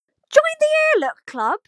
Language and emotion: English, surprised